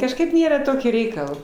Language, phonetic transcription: Lithuanian, kažˈkaip ˈnėra ˈtokį ˈreikal

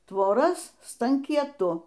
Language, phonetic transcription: Lithuanian, tvoˈras stankieˈtu

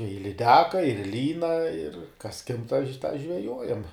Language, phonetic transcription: Lithuanian, i liˈdeka ir ˈlyna ir kas kimb tą ž tą žveˈjojam

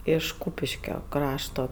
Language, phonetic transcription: Lithuanian, iš ˈkūpiškio ˈkrašto

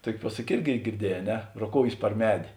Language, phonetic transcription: Lithuanian, ˈtuoki ˈpuosaki ˈirgi girˈdieˌjē a ˈne roˈkoujės par ˈmedė

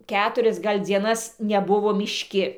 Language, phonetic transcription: Lithuanian, ˈketurias ˈgal' dzieˈnas neˈbuvo mišˈki

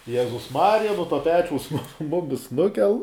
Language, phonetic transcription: Lithuanian, ˈjezus ˈmarija no ˈto ˈpečiaus ˈmumis ˈnukel

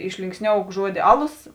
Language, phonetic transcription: Lithuanian, išlinksˈniouk ˈžuodi ˈaˌlos

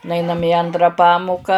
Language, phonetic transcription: Lithuanian, nuˈainam i ˈantra ˈpamuka

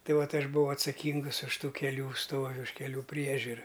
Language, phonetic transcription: Lithuanian, ˈtai ˈvat ˈaš buˈvau atsaˈkingus už ˈtų keˈlių ˈstovi už keˈlių ˈpriežiura

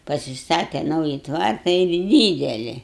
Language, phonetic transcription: Lithuanian, pasiˈstate ˈnauji ˈtvarta ir ˈdydeli

